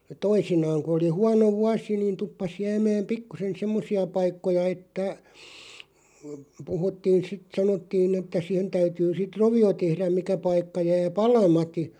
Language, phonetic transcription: Finnish, 'toisinaaŋ ku oli "huano 'vuasi niin 'tuppas 'jäämääm 'pikkusen "semmosi₍a 'paikkoja että , 'puhuttiin̬ 'sit 'sanottiin ‿että 'sihen täytyy sit "rovi₍o 'tehräᵐ 'mikä 'paikka 'jää "palamati ,.
- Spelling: toisinaan kun oli huono vuosi niin tuppasi jäämään pikkuisen semmoisia paikkoja että puhuttiin sitten sanottiin että siihen täytyy sitten rovio tehdä mikä paikka jää palamatta

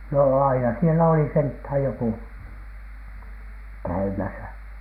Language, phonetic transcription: Finnish, nò aina sielä oli senthä̀j jokù , "käymäsä .
- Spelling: no aina siellä oli sentään joku käymässä

